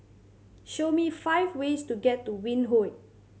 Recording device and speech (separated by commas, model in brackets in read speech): mobile phone (Samsung C7100), read sentence